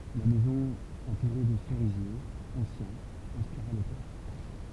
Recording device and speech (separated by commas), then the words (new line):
temple vibration pickup, read sentence
La maison entourée de cerisiers anciens inspira l'auteur.